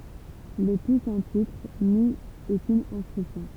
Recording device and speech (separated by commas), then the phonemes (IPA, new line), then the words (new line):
temple vibration pickup, read sentence
lə tu sɑ̃ titʁ ni okyn ɛ̃skʁipsjɔ̃
Le tout sans titre, ni aucune inscription.